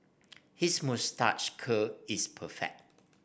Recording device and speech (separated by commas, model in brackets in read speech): boundary microphone (BM630), read sentence